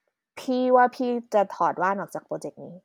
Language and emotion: Thai, neutral